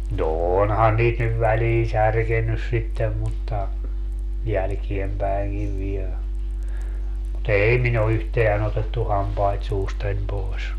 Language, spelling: Finnish, no onhan niitä nyt väliin särkenyt sitten mutta jälkeenpäinkin vielä mutta ei minun ole yhtään otettu hampaita suustani pois
- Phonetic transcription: no 'onhan niit nyv 'väliin 'särkennys sittem mutta , 'jälkiempäiŋkiv viel , mu"t ‿ei min ‿o 'yhteän ‿otettu 'hampait 'suustań 'poes .

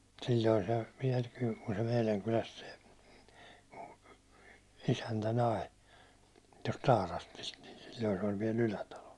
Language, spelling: Finnish, silloin se vielä kyllä kun se meidän kylästä se isäntä nai tuosta Taarastista niin silloin se oli vielä Ylätalo
- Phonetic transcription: sil̜l̜oi se , viɛl kyl , ku se 'meiläŋ kyläst se , 'isäntä nai , tost 'Taarastist , ni sil̜l̜oi se oĺ viɛl 'Ylätalo .

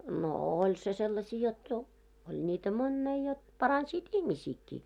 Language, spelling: Finnish, no oli se sellaisia jotta - oli niitä monia jotta paransivat ihmisiäkin
- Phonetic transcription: no 'oĺ se sellasii jot jo- , oĺ ńiitä "monnei jot , 'paransiit "ihmisiikkii .

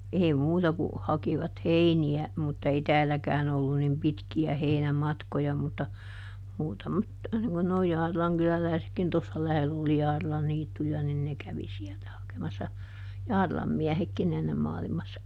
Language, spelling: Finnish, ei muuta kuin hakivat heiniä mutta ei täälläkään ollut niin pitkiä heinämatkoja mutta muutamat niin kuin nuo Jaarilan kyläläisetkin tuossa lähellä oli Jaarilan niittyjä niin ne kävi sieltä hakemassa Jaarilan miehetkin ennen maailmassa
- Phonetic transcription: ˈeei "muuta ku , ˈhakivat "heini₍ä , mutta ˈei "tääläkään ‿ollu nim ˈpitki₍ä ˈheinä"matkoja mutta , ˈmuutamat , niŋ kun noi ˈJaarilaŋ kylälä̀i̮sekkin - tossa ˈlähell ‿oli ˈJaarilan ˈniittuja - nin ˈne kävi ˈsiɛltä ˈhakemassa , "Jaarilam miähekkiˈn ‿ennem maalimassa .

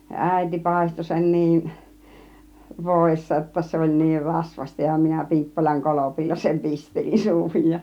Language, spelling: Finnish, ja äiti paistoi sen niin voissa jotta se oli niin rasvaista ja minä Piippolan kolpilla sen pistelin suuhun ja
- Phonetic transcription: ja "ä̀iti "pàisto sen 'niin , "vòissa °tta se oĺ 'niir 'rasvaśta ja minä 'Pi̬ippolaŋ "kolopilla sem "pistelin 'suuhuń ja .

